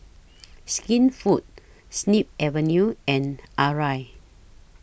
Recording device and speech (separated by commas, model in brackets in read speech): boundary microphone (BM630), read sentence